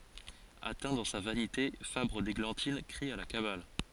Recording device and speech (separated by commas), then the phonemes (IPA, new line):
forehead accelerometer, read sentence
atɛ̃ dɑ̃ sa vanite fabʁ deɡlɑ̃tin kʁi a la kabal